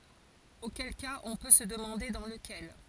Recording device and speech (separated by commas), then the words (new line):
forehead accelerometer, read sentence
Auquel cas on peut se demander dans lequel.